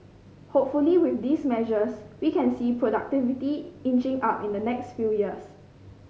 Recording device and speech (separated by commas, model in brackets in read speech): mobile phone (Samsung C5010), read sentence